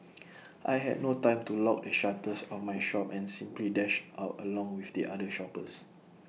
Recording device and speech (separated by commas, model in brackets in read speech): mobile phone (iPhone 6), read sentence